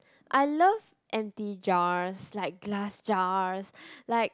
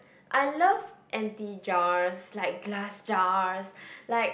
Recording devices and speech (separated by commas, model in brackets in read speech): close-talking microphone, boundary microphone, conversation in the same room